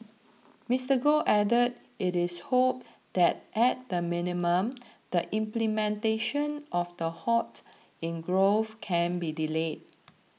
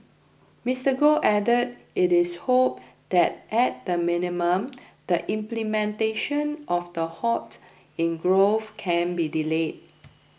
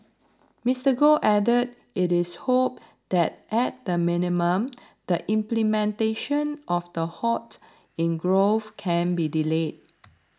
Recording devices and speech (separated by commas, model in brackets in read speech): mobile phone (iPhone 6), boundary microphone (BM630), standing microphone (AKG C214), read sentence